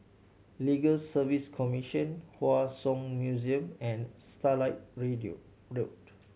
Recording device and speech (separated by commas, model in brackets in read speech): mobile phone (Samsung C7100), read sentence